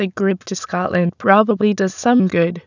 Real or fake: fake